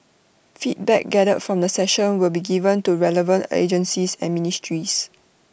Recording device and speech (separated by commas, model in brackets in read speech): boundary microphone (BM630), read sentence